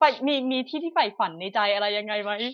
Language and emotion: Thai, happy